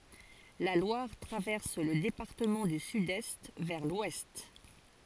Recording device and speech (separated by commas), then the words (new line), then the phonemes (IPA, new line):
forehead accelerometer, read sentence
La Loire traverse le département du sud-est vers l'ouest.
la lwaʁ tʁavɛʁs lə depaʁtəmɑ̃ dy sydɛst vɛʁ lwɛst